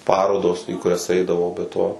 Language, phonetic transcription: Lithuanian, ˈparodos į kuˈrias ˈaidavau be ˈto

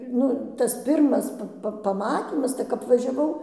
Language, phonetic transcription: Lithuanian, ˈnu tas ˈpirmas ˈpa paˈmatymas tai kap važiaˈvau

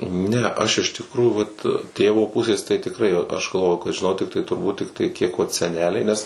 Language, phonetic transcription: Lithuanian, ˈne ˈaš iš tikˈrųjų vat ˈtėvo ˈpusės tai tikˈrai aš galˈvoju kad žiˈnau tikˈtai turˈbūt ˈtiktai ˈkiek vat seˈneliai ˈnes

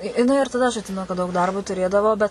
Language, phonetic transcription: Lithuanian, i jiˈnai ir taˈda aš atˈsimenu kad daug ˈdarbo tuˈrėdavo bet

